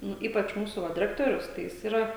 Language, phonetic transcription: Lithuanian, ˈnu ˈypač ˈmūsu ˈva diˈrektorius tai ˈjis ˈyra

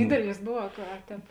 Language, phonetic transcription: Lithuanian, ˈdydelis ˈbuv a ka a ˈtēp

